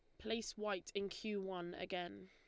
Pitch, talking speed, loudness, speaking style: 190 Hz, 175 wpm, -44 LUFS, Lombard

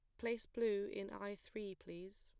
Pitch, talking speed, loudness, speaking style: 205 Hz, 180 wpm, -44 LUFS, plain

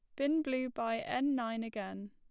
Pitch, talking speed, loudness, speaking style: 230 Hz, 190 wpm, -35 LUFS, plain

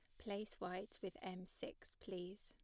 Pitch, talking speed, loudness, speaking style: 185 Hz, 160 wpm, -50 LUFS, plain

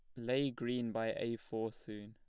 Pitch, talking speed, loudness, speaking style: 115 Hz, 195 wpm, -39 LUFS, plain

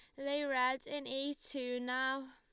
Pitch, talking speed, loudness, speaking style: 265 Hz, 170 wpm, -37 LUFS, Lombard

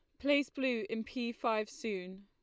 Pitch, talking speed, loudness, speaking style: 225 Hz, 175 wpm, -35 LUFS, Lombard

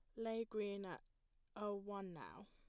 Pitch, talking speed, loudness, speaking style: 200 Hz, 155 wpm, -48 LUFS, plain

